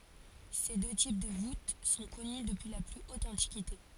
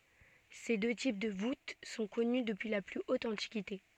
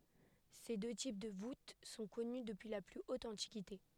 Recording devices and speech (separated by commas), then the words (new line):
forehead accelerometer, soft in-ear microphone, headset microphone, read sentence
Ces deux types de voûte sont connues depuis la plus haute antiquité.